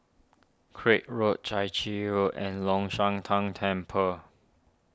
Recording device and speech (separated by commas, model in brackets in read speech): standing microphone (AKG C214), read sentence